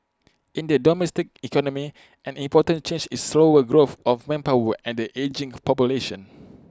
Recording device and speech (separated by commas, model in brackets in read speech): close-talking microphone (WH20), read sentence